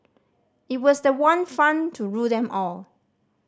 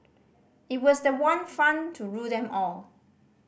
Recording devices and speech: standing microphone (AKG C214), boundary microphone (BM630), read sentence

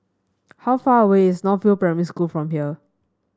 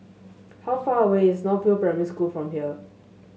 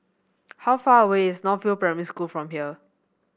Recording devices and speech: standing microphone (AKG C214), mobile phone (Samsung S8), boundary microphone (BM630), read sentence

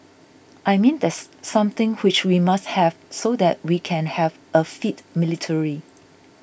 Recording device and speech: boundary microphone (BM630), read sentence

